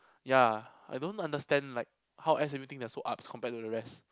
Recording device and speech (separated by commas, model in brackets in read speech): close-talking microphone, conversation in the same room